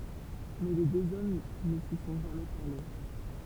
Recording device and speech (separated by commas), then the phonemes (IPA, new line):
temple vibration pickup, read sentence
mɛ le døz ɔm nə si sɔ̃ ʒamɛ paʁle